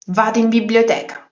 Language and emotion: Italian, angry